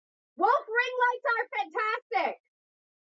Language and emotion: English, neutral